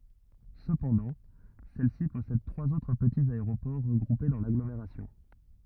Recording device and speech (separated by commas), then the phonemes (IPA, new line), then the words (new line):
rigid in-ear microphone, read sentence
səpɑ̃dɑ̃ sɛlsi pɔsɛd tʁwaz otʁ pətiz aeʁopɔʁ ʁəɡʁupe dɑ̃ laɡlomeʁasjɔ̃
Cependant, celle-ci possède trois autres petits aéroports regroupés dans l'agglomération.